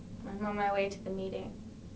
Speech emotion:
neutral